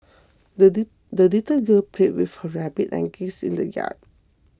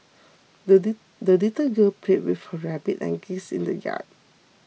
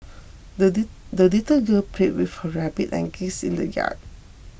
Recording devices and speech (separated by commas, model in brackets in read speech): close-talking microphone (WH20), mobile phone (iPhone 6), boundary microphone (BM630), read sentence